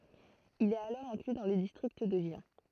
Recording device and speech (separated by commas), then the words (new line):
throat microphone, read sentence
Il est alors inclus dans le district de Gien.